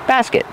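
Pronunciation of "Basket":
In 'basket', the first syllable has the short a heard in 'black' and 'cat', and the second syllable has a short sound.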